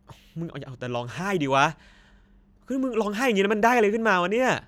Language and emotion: Thai, frustrated